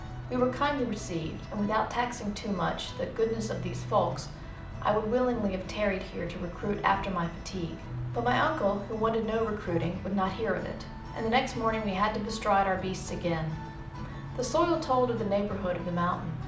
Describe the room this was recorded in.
A medium-sized room (about 5.7 m by 4.0 m).